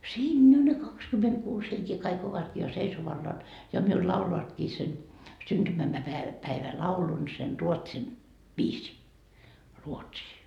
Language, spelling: Finnish, siinä ne kaksikymmentäkuusi henkeä kaikki ovatkin ja seisoallaan ja minulle laulavatkin sen - - syntymäpäivälaulun sen ruotsin viisiin ruotsia
- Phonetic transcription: 'siinnä ne 'kakskymetkuus heŋkee kaik ovatkii ja "seisovallaan , ja miul 'lauloatkii sen , syntymä - mäpäevä- , päivä'laulun sen 'ruotsin , viisii , 'ruotsii .

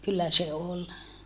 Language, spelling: Finnish, kyllä se oli
- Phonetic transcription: kyllä se ol .

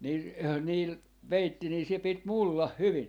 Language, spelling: Finnish, niin niillä peitti niin se piti mullan hyvin
- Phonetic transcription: ni , niil , 'peitti nii se 'pit "mullah "hyvin .

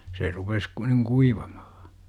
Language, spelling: Finnish, se rupesi kun niin kuivamaan
- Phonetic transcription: se 'rupes ku- niŋ "kuivaMAhA .

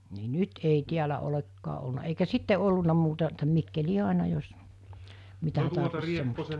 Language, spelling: Finnish, niin nyt ei täällä olekaan ollut eikä sitten ollut muuta että Mikkeliin aina jos mitä tarvitsi semmoista
- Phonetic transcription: ni "nyt ei 'tiälä olekkaa ˀolna eikä 'sitte olluna muuta , (e)ttä 'Mikkelii 'àina jos , 'mitä tarvis semmosta .

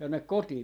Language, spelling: Finnish, tänne kotiin
- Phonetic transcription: tännek 'kotii .

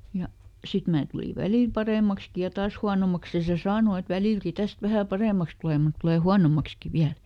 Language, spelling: Finnish, ja sitten minä tulin välillä paremmaksikin ja taas huonommaksi ja se sanoi että välilläkin tästä vähän paremmaksi tulee mutta tulee huonommaksikin vielä
- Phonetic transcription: ˈja , ˈsit mää tuli "välìl ˈparèmakski ja "taas huanomaks ja se "saano et » ˈvälìlki ˈtäst vähä "parèmaks tulè mut ˈtulè "huanomakski ˈviäl » .

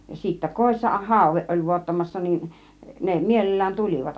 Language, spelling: Finnish, ja sitten kodissa haude oli vuottamassa niin ne mielellään tulivat
- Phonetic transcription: ja sittä 'kòissa "hàuveˀ ˀoĺ 'vuottamassa nin , ne 'mielel̀lään "tulivat .

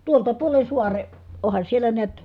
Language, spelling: Finnish, tuolta puolen saaren onhan siellä näet
- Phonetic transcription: tuolta puolen̬ suare , ohan siellä neät ,.

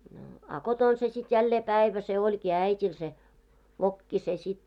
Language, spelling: Finnish, no a kotona se sitten jälleen päivä se olikin äidillä se vokki se sitten
- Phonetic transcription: no , a 'koton se sit jällee 'pä̀ivä se oĺkii 'ä̀it́il se , 'vokki se sit .

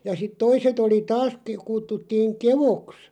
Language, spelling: Finnish, ja sitten toiset oli taas - kutsuttiin keoksi
- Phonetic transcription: ja sit 'toiset ‿oli "taas ke- 'kuttuttiiŋ "kevoks ,.

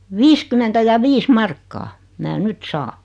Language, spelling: Finnish, viisikymmentä ja viisi markkaa minä nyt saan
- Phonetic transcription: 'viiskymentä ja "viis 'markkaa , mää "nyt "saa .

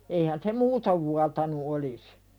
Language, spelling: Finnish, eihän se muuten vuotanut olisi
- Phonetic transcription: eihän se "muutov vuatanu 'olis .

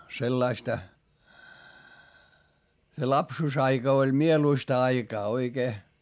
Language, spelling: Finnish, sellaista se lapsuusaika oli mieluista aikaa oikein
- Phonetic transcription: sellaista , se lapsuusaika oĺ mieluista aikaa oikee .

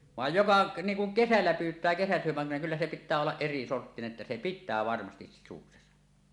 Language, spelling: Finnish, vaan joka niin kuin kesällä pyytää kesäsydämellä kyllä se pitää olla erisorttinen että se pitää varmasti sisuksensa
- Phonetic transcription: vàej 'joka , 'niiŋ kuŋ "kesällä 'pyyt̀ää kesäsyömmellä 'kyllä se 'pit̆tää ollaˀ "ˀerisorttine’ ’että se "pittää 'varmastis 'sisuksesa .

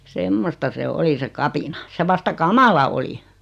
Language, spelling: Finnish, semmoista se oli se kapina se vasta kamala oli
- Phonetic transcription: 'semmosta 'se "oli se "kapina , 'se vasta "kamala oli .

